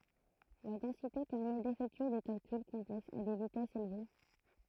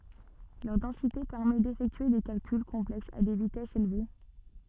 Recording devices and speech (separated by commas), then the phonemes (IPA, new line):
throat microphone, soft in-ear microphone, read sentence
lœʁ dɑ̃site pɛʁmɛ defɛktye de kalkyl kɔ̃plɛksz a de vitɛsz elve